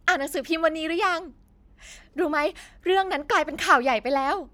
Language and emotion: Thai, happy